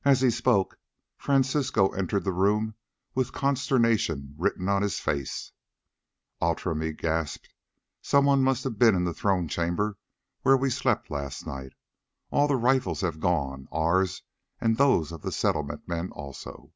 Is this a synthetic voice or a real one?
real